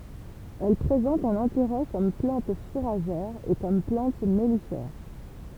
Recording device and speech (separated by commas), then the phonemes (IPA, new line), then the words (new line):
temple vibration pickup, read sentence
ɛl pʁezɑ̃t œ̃n ɛ̃teʁɛ kɔm plɑ̃t fuʁaʒɛʁ e kɔm plɑ̃t mɛlifɛʁ
Elle présente un intérêt comme plante fourragère et comme plante mellifère.